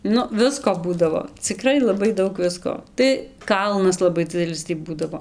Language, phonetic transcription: Lithuanian, ˈnu ˈvisko ˈbūdavo ciˈkrai laˈbai ˈdaug ˈvisko tai ˈkalnas laˈbai ˈdzidelis tį ˈbūdavo

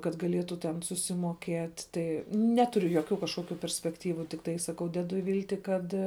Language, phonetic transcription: Lithuanian, kad gaˈlietu ten susimoˈkiet' ˈtai ˈneturiu joˈkių kažˈkokiu perspekˈtyvu tikˈtai saˈkau ˈdedu ˈvylti ˈkad

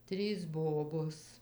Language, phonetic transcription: Lithuanian, ˈtrys ˈbobos

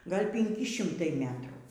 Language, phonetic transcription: Lithuanian, ˈgal' pinˈki ˈšimtai ˈmetrų

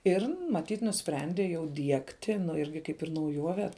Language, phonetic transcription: Lithuanian, ir maˈtyt nuˈsprendė jau ˈdiegti nu ˈirgi ˈkaip ir nauˈjuove

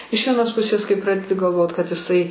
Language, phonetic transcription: Lithuanian, iš vieˈnos ˈpusės kai ˈpradedi galˈvot kad iˈsai

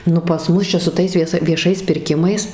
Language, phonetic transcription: Lithuanian, ˈnu pas ˈmus čia su ˈtais vieˈsa vieˈšais pirˈkimais

